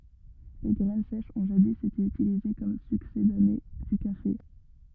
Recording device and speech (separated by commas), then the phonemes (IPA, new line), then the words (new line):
rigid in-ear microphone, read sentence
le ɡʁɛn sɛʃz ɔ̃ ʒadi ete ytilize kɔm syksedane dy kafe
Les graines sèches ont jadis été utilisées comme succédané du café.